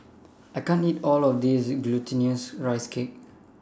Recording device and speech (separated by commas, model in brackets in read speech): standing microphone (AKG C214), read sentence